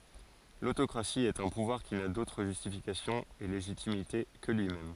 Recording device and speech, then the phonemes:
forehead accelerometer, read sentence
lotokʁasi ɛt œ̃ puvwaʁ ki na dotʁ ʒystifikasjɔ̃ e leʒitimite kə lyimɛm

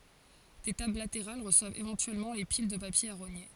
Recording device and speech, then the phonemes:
forehead accelerometer, read sentence
de tabl lateʁal ʁəswavt evɑ̃tyɛlmɑ̃ le pil də papje a ʁoɲe

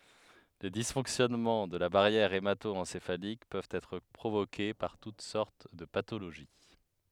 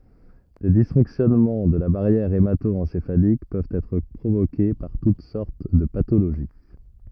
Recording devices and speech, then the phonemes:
headset microphone, rigid in-ear microphone, read sentence
le disfɔ̃ksjɔnmɑ̃ də la baʁjɛʁ emato ɑ̃sefalik pøvt ɛtʁ pʁovoke paʁ tut sɔʁt də patoloʒi

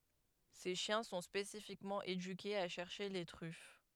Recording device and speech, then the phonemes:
headset microphone, read sentence
se ʃjɛ̃ sɔ̃ spesifikmɑ̃ edykez a ʃɛʁʃe le tʁyf

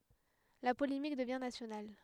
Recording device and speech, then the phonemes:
headset microphone, read sentence
la polemik dəvjɛ̃ nasjonal

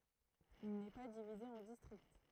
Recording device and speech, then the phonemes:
throat microphone, read sentence
il nɛ pa divize ɑ̃ distʁikt

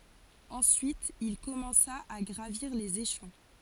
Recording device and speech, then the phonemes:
forehead accelerometer, read sentence
ɑ̃syit il kɔmɑ̃sa a ɡʁaviʁ lez eʃlɔ̃

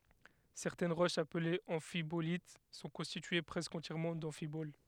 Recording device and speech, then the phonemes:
headset microphone, read sentence
sɛʁtɛn ʁoʃz aplez ɑ̃fibolit sɔ̃ kɔ̃stitye pʁɛskə ɑ̃tjɛʁmɑ̃ dɑ̃fibol

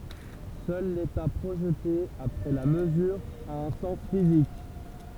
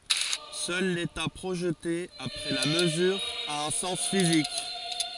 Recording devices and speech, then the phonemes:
temple vibration pickup, forehead accelerometer, read sentence
sœl leta pʁoʒte apʁɛ la məzyʁ a œ̃ sɑ̃s fizik

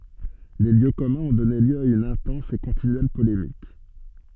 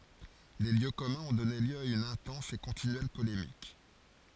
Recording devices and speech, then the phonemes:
soft in-ear microphone, forehead accelerometer, read sentence
le ljø kɔmœ̃z ɔ̃ dɔne ljø a yn ɛ̃tɑ̃s e kɔ̃tinyɛl polemik

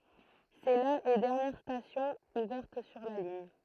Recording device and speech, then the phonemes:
throat microphone, read sentence
sɛ la e dɛʁnjɛʁ stasjɔ̃ uvɛʁt syʁ la liɲ

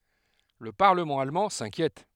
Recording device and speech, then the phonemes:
headset microphone, read sentence
lə paʁləmɑ̃ almɑ̃ sɛ̃kjɛt

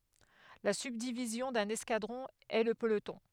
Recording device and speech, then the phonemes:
headset microphone, read sentence
la sybdivizjɔ̃ dœ̃n ɛskadʁɔ̃ ɛ lə pəlotɔ̃

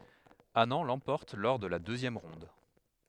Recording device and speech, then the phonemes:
headset microphone, read sentence
anɑ̃ lɑ̃pɔʁt lɔʁ də la døzjɛm ʁɔ̃d

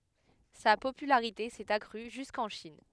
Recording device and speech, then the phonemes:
headset microphone, read sentence
sa popylaʁite sɛt akʁy ʒyskɑ̃ ʃin

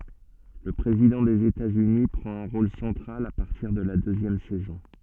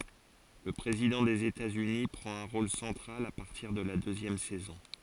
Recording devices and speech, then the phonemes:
soft in-ear microphone, forehead accelerometer, read sentence
lə pʁezidɑ̃ dez etatsyni pʁɑ̃t œ̃ ʁol sɑ̃tʁal a paʁtiʁ də la døzjɛm sɛzɔ̃

